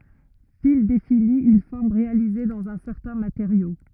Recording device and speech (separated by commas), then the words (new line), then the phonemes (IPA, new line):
rigid in-ear microphone, read sentence
Fil définit une forme réalisée dans un certain matériau.
fil defini yn fɔʁm ʁealize dɑ̃z œ̃ sɛʁtɛ̃ mateʁjo